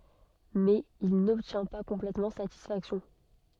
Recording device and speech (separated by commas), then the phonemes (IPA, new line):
soft in-ear microphone, read sentence
mɛz il nɔbtjɛ̃ pa kɔ̃plɛtmɑ̃ satisfaksjɔ̃